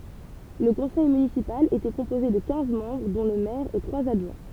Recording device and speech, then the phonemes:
temple vibration pickup, read sentence
lə kɔ̃sɛj mynisipal etɛ kɔ̃poze də kɛ̃z mɑ̃bʁ dɔ̃ lə mɛʁ e tʁwaz adʒwɛ̃

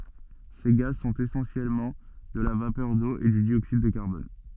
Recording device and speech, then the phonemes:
soft in-ear microphone, read sentence
se ɡaz sɔ̃t esɑ̃sjɛlmɑ̃ də la vapœʁ do e dy djoksid də kaʁbɔn

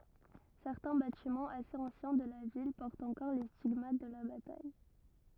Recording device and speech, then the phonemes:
rigid in-ear microphone, read sentence
sɛʁtɛ̃ batimɑ̃z asez ɑ̃sjɛ̃ də la vil pɔʁtt ɑ̃kɔʁ le stiɡmat də la bataj

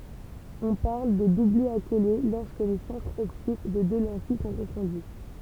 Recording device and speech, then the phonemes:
temple vibration pickup, read sentence
ɔ̃ paʁl də dublɛ akole lɔʁskə le sɑ̃tʁz ɔptik de dø lɑ̃tij sɔ̃ kɔ̃fɔ̃dy

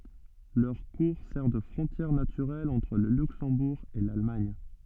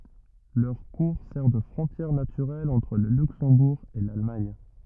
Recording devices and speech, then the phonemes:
soft in-ear microphone, rigid in-ear microphone, read sentence
lœʁ kuʁ sɛʁ də fʁɔ̃tjɛʁ natyʁɛl ɑ̃tʁ lə lyksɑ̃buʁ e lalmaɲ

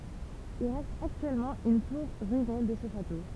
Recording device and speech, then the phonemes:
temple vibration pickup, read sentence
il ʁɛst aktyɛlmɑ̃ yn tuʁ ʁyine də sə ʃato

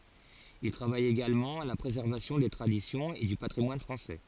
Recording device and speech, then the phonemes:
forehead accelerometer, read sentence
il tʁavaj eɡalmɑ̃ a la pʁezɛʁvasjɔ̃ de tʁadisjɔ̃z e dy patʁimwan fʁɑ̃sɛ

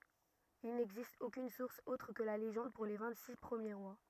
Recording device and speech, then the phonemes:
rigid in-ear microphone, read sentence
il nɛɡzist okyn suʁs otʁ kə la leʒɑ̃d puʁ le vɛ̃ɡtsiks pʁəmje ʁwa

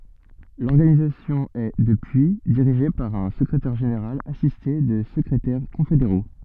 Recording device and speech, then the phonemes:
soft in-ear microphone, read sentence
lɔʁɡanizasjɔ̃ ɛ dəpyi diʁiʒe paʁ œ̃ səkʁetɛʁ ʒeneʁal asiste də səkʁetɛʁ kɔ̃fedeʁo

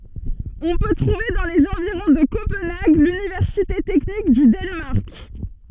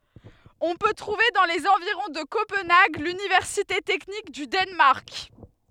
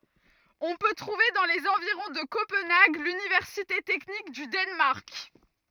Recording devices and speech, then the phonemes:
soft in-ear microphone, headset microphone, rigid in-ear microphone, read sentence
ɔ̃ pø tʁuve dɑ̃ lez ɑ̃viʁɔ̃ də kopɑ̃naɡ lynivɛʁsite tɛknik dy danmaʁk

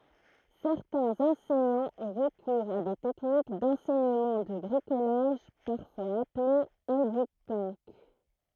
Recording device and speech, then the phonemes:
throat microphone, read sentence
sɛʁtɛ̃z ɑ̃sɛɲɑ̃z ɔ̃ ʁəkuʁz a de tɛknik dɑ̃sɛɲəmɑ̃ də bʁikolaʒ paʁfwaz aple edypənk

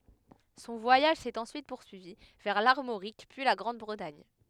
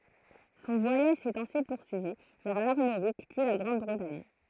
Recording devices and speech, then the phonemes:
headset microphone, throat microphone, read sentence
sɔ̃ vwajaʒ sɛt ɑ̃syit puʁsyivi vɛʁ laʁmoʁik pyi la ɡʁɑ̃dbʁətaɲ

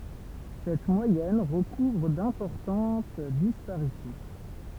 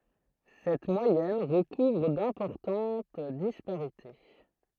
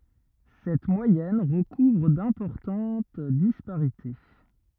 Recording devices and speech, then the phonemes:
temple vibration pickup, throat microphone, rigid in-ear microphone, read sentence
sɛt mwajɛn ʁəkuvʁ dɛ̃pɔʁtɑ̃t dispaʁite

